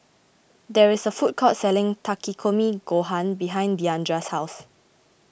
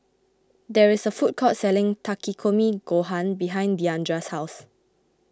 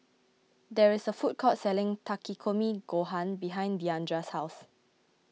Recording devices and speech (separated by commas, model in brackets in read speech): boundary microphone (BM630), close-talking microphone (WH20), mobile phone (iPhone 6), read sentence